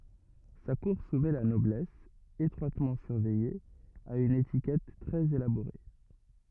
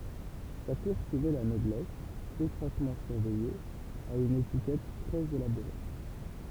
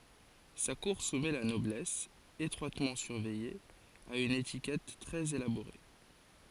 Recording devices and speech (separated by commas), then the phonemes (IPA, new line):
rigid in-ear microphone, temple vibration pickup, forehead accelerometer, read sentence
sa kuʁ sumɛ la nɔblɛs etʁwatmɑ̃ syʁvɛje a yn etikɛt tʁɛz elaboʁe